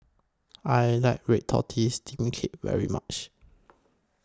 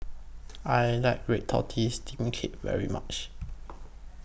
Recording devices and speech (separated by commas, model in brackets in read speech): close-talking microphone (WH20), boundary microphone (BM630), read sentence